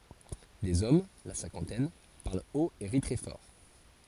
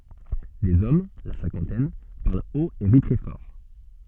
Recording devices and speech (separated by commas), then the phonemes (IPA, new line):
forehead accelerometer, soft in-ear microphone, read sentence
dez ɔm la sɛ̃kɑ̃tɛn paʁl ot e ʁi tʁɛ fɔʁ